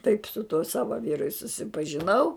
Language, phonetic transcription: Lithuanian, taip su tuo ˈsava ˈvyru i susipažiˈnau

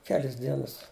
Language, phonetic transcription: Lithuanian, ˈkelis ˈdienas

